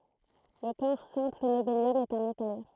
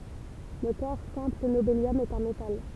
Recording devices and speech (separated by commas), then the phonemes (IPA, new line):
throat microphone, temple vibration pickup, read sentence
lə kɔʁ sɛ̃pl nobeljɔm ɛt œ̃ metal